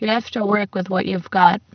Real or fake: fake